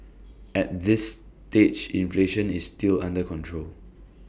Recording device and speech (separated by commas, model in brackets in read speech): boundary microphone (BM630), read sentence